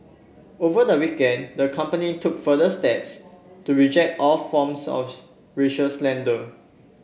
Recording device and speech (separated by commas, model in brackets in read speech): boundary microphone (BM630), read sentence